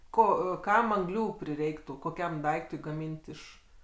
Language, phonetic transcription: Lithuanian, ˈko ˈkam anˈglių priˈreiktų koˈkiam ˈdaiktui gaˈmynt' iš

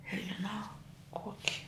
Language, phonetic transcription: Lithuanian, nežiˈnau ˈkoki

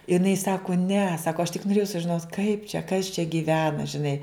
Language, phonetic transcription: Lithuanian, iˈnai ˈsaku ne ˈsako aš tik noˈrėjau sužiˈnot kaip čia kas čia gyˈvena žiˈnai

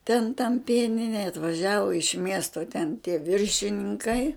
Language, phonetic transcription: Lithuanian, ten tam ˈpieninej atvaˈžiavu iš ˈmiesto ten tie ˈviršininˈkai

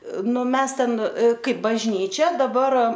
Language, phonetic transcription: Lithuanian, ˈnu ˈmes ten ˈkaip bažˈnyčia daˈbar

